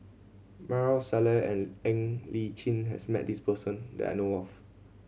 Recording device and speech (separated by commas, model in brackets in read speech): mobile phone (Samsung C7100), read sentence